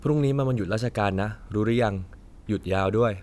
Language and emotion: Thai, neutral